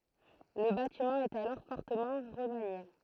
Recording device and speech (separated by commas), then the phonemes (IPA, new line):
throat microphone, read sentence
lə batimɑ̃ ɛt alɔʁ fɔʁtəmɑ̃ ʁəmanje